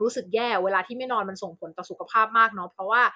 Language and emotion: Thai, neutral